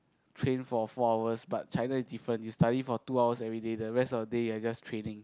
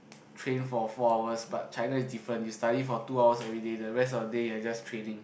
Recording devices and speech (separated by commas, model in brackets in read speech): close-talking microphone, boundary microphone, conversation in the same room